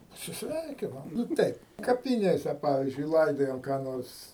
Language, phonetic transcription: Lithuanian, pasisˈveikinam nu ˈteip kapiˈnėse ˈpavizdžiui ˈlaidojam ką ˈnors

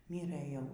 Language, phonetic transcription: Lithuanian, ˈmyrɘ ˈjau

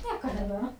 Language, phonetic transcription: Lithuanian, ˈnieka nebeˈma

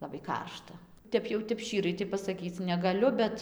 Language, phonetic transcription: Lithuanian, ˌlabai ˈkaršta ˈtep jau ˈtep ˈščyrai pasaˈkyc negaˈliu ˈbet

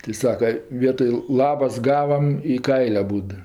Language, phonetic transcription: Lithuanian, tɜ ˈsaka ˈvietoj ˈlabas ˈgavam i ˈkail' aˈbūd

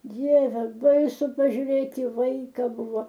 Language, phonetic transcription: Lithuanian, ˈdieve ˈbaisu pažiuˈrėt i ˈvaika ˈbuvo

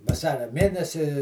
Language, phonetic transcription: Lithuanian, vaˈsaria ˈmėnesi

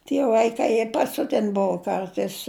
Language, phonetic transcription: Lithuanian, tie vaiˈkai jie paˈsiuten ˈbuvo ˈkartais

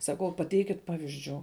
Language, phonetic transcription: Lithuanian, saˈkau paˈteikit ˈpavizdžių

